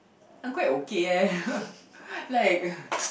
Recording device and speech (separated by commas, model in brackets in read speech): boundary microphone, conversation in the same room